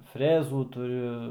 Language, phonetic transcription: Lithuanian, ˈfrezų tuˈriu

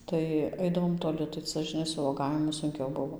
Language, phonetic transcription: Lithuanian, ˈtai ˈaidavom toˈli tai ˈca žiˈnai su vuoˈgavimu sunˈkiau ˈbuvo

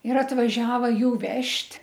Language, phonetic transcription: Lithuanian, ir atvaˈžiava ˈjų ˈvežt'

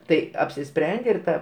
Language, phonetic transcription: Lithuanian, ˈtai apsiˈsprendė ir ˈta

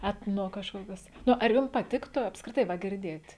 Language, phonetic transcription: Lithuanian, ˈetno kažˈkokias ˈnu ar ˈjum paˈtiktu apskriˈtai va girˈdėt'

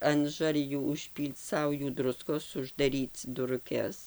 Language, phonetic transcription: Lithuanian, an ˈžarjų užˈpyl'c ˈsaujų ˈdruskos uždaˈryc duruˈkes

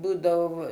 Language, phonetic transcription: Lithuanian, ˈbūdavo

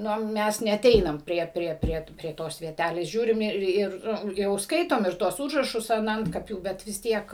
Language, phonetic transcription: Lithuanian, ˈno ˈmes neaˈteinam ˈprie ˈprie ˈprie prie ˈtos vieˈtælės ˈžiūrim ˈir ˈir ˈjau ˈskaitom ir ˈtuos ˈūžrašus an ˈantkapių ˈbet vis ˈtiek

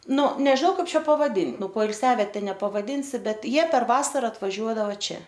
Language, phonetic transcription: Lithuanian, ˈnu nežiˈnau ˈkaip ˈčia pavaˈdin ˈnu poilˈsiaviete nepavaˈdinsi ˈbet ˈjie per ˈvasara atvaˈžiuodava ˈčia

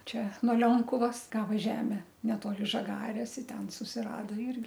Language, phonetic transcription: Lithuanian, ˈčia nuo ˈlionkuvas ˈgava ˈžeme neˈtoli žaˈgarės i ˈten susirado ˈirgi

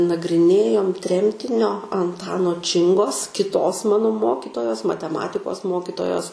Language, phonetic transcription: Lithuanian, nagriˈnėjom ˈtremtinio anˈtano ˈčingos kiˈtos ˈmano ˈmokitojos mateˈmatikos ˈmokitojos

